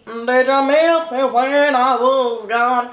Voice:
strange voice